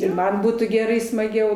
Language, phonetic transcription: Lithuanian, ir ˈman ˈbūtų geˈrai smaˈgiau

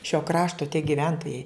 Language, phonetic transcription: Lithuanian, šio ˈkrašto tie giˈventojai

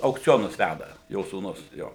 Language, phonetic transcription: Lithuanian, aukˈcionus ˈvæda ˈjo sūˈnus ˈjo

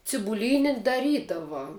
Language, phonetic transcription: Lithuanian, cibuˈlyni daˈrydava

